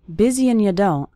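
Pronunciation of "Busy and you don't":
In 'busy and you don't', the word 'and' is reduced to just an n sound.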